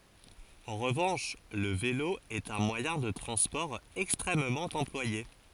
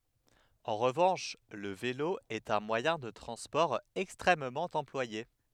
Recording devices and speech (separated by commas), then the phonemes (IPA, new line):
forehead accelerometer, headset microphone, read sentence
ɑ̃ ʁəvɑ̃ʃ lə velo ɛt œ̃ mwajɛ̃ də tʁɑ̃spɔʁ ɛkstʁɛmmɑ̃ ɑ̃plwaje